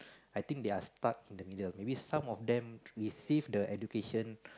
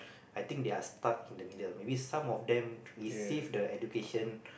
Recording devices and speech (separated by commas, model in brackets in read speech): close-talking microphone, boundary microphone, conversation in the same room